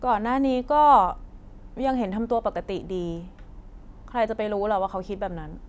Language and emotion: Thai, frustrated